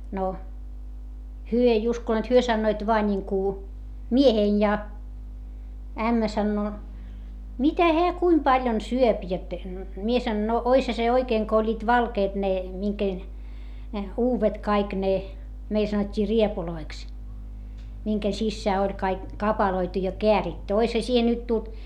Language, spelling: Finnish, no he ei uskoneet he sanoivat vain niin kuin mieheni ja ämmä sanoo mitä hän kuinka paljon syö jotta minä sanon no olisihan se oikein kun olivat valkeat ne minkä uudet kaikki ne meillä sanottiin rievuiksi minkä sisään oli kaikki kapaloitu ja kääritty olisihan siihen nyt tullut
- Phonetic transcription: no , hyö ei uskoneet hyö sannoit voa ńiŋku , miehein ja , ämmä sannoo , » mitä heä kuim paljon syöp » jot , mie sanon - no , oisha se oikeeŋ ko oĺĺiit valkeet ne , miŋken , uuvet kaik ne , meil sanot́t́ii riepuloiks , miŋken sissää oĺ kaik , kapaloitu ja keäritty - oisha siihe nyt tult ,.

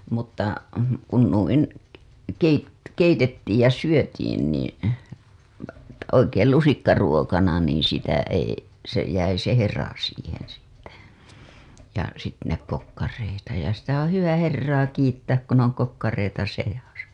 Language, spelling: Finnish, mutta kun noin - keitettiin ja syötiin niin oikein lusikkaruokana niin sitä ei se jäi se hera siihen sitten ja - ne kokkareita ja sitä on hyvä herraa kiittää kun on kokkareita seassa
- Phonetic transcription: mutta , kun nuin , keit- , 'keitettiij ja 'syötiin niin̬ , 'oikeel 'lusikkaruokana niiḭ sitä ei , se jäi se 'hera siiheḛ sitte , ja sit- , ne kokkareita , ja » sitä oo̰ 'hyvä 'herraa kiittääk kun ‿oŋ kokkareita sejasa « .

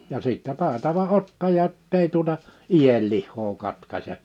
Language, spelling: Finnish, ja sitten taitava ottaja että ei tuota ienlihaa katkaise
- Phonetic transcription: ja 'sìttɛ 'tàetava 'ottaja ‿ᵒttei tuota , "ijellihhoo 'katkaśe’ .

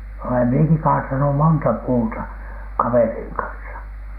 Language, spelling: Finnish, olen minäkin kaatanut monta puuta kaverin kanssa
- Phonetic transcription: olem mieki 'kaatanu "monta "puuta , 'kaveriiŋ kansa .

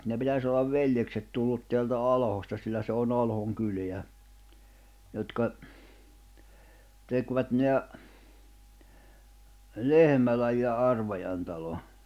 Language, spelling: Finnish, ne pitäisi olla veljekset tullut täältä Alhosta sillä se on Alhon kylää jotka tekivät ne Lehmälän ja Arvajan talon
- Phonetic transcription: ne 'pitäs ‿ollav "veljekset tullut teältä "Alhosta sillä se on'ⁿ ‿Alhoŋ 'kylḙä , jotka , tekvät neä , "Lehmäläj ja 'Arvajan talo .

